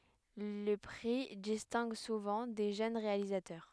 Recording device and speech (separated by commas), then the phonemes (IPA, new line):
headset microphone, read sentence
lə pʁi distɛ̃ɡ suvɑ̃ de ʒøn ʁealizatœʁ